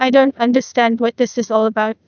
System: TTS, neural waveform model